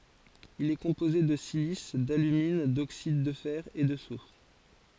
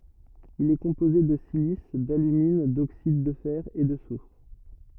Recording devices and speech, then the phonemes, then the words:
forehead accelerometer, rigid in-ear microphone, read sentence
il ɛ kɔ̃poze də silis dalymin doksid də fɛʁ e də sufʁ
Il est composé de silice, d’alumine, d’oxydes de fer, et de soufre.

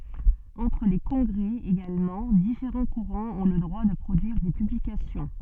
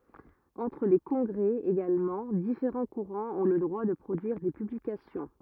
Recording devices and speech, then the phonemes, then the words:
soft in-ear microphone, rigid in-ear microphone, read sentence
ɑ̃tʁ le kɔ̃ɡʁɛ eɡalmɑ̃ difeʁɑ̃ kuʁɑ̃z ɔ̃ lə dʁwa də pʁodyiʁ de pyblikasjɔ̃
Entre les congrès également, différents courants ont le droit de produire des publications.

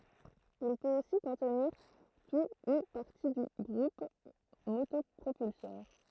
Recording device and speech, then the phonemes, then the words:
throat microphone, read sentence
il pøt osi kɔ̃tniʁ tu u paʁti dy ɡʁup motɔpʁopylsœʁ
Il peut aussi contenir tout ou partie du groupe motopropulseur.

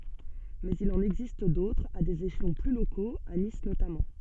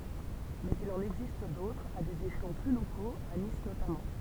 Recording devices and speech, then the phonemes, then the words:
soft in-ear microphone, temple vibration pickup, read sentence
mɛz il ɑ̃n ɛɡzist dotʁz a dez eʃlɔ̃ ply lokoz a nis notamɑ̃
Mais il en existe d'autres, à des échelons plus locaux, à Nice notamment.

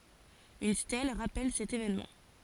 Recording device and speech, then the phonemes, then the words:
forehead accelerometer, read sentence
yn stɛl ʁapɛl sɛt evɛnmɑ̃
Une stèle rappelle cet évènement.

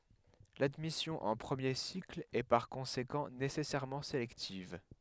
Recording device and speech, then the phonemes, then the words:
headset microphone, read sentence
ladmisjɔ̃ ɑ̃ pʁəmje sikl ɛ paʁ kɔ̃sekɑ̃ nesɛsɛʁmɑ̃ selɛktiv
L'admission en premier cycle est par conséquent nécessairement sélective.

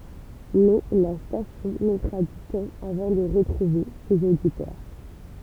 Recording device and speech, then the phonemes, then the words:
temple vibration pickup, read sentence
mɛ la stasjɔ̃ mɛtʁa dy tɑ̃ avɑ̃ də ʁətʁuve sez oditœʁ
Mais la station mettra du temps avant de retrouver ses auditeurs.

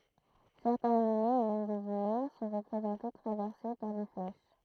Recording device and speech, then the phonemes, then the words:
throat microphone, read sentence
sɛʁtɛ̃z animoz e mɛm dez ymɛ̃ sɔ̃ ʁəpʁezɑ̃te tʁavɛʁse paʁ de flɛʃ
Certains animaux et même des humains sont représentés traversés par des flèches.

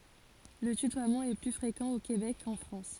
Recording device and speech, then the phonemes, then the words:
forehead accelerometer, read sentence
lə tytwamɑ̃ ɛ ply fʁekɑ̃ o kebɛk kɑ̃ fʁɑ̃s
Le tutoiement est plus fréquent au Québec qu'en France.

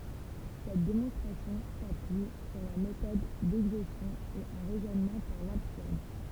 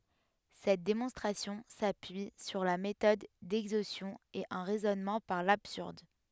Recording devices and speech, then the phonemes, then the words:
temple vibration pickup, headset microphone, read sentence
sɛt demɔ̃stʁasjɔ̃ sapyi syʁ la metɔd dɛɡzostjɔ̃ e œ̃ ʁɛzɔnmɑ̃ paʁ labsyʁd
Cette démonstration s'appuie sur la méthode d'exhaustion et un raisonnement par l'absurde.

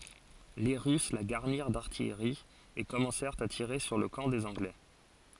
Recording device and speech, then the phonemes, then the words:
forehead accelerometer, read sentence
le ʁys la ɡaʁniʁ daʁtijʁi e kɔmɑ̃sɛʁt a tiʁe syʁ lə kɑ̃ dez ɑ̃ɡlɛ
Les Russes la garnirent d’artillerie, et commencèrent à tirer sur le camp des Anglais.

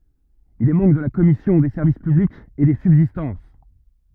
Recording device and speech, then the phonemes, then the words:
rigid in-ear microphone, read sentence
il ɛ mɑ̃bʁ də la kɔmisjɔ̃ de sɛʁvis pyblikz e de sybzistɑ̃s
Il est membre de la commission des Services publics et des Subsistances.

